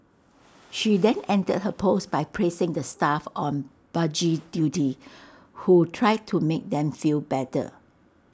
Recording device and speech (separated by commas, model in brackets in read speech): standing microphone (AKG C214), read sentence